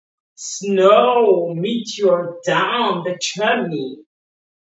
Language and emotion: English, disgusted